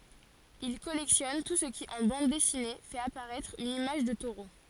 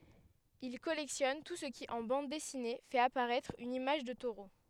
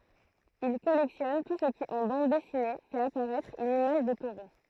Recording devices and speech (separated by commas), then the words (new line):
forehead accelerometer, headset microphone, throat microphone, read sentence
Il collectionne tout ce qui en Bande dessinée, fait apparaitre une image de taureau.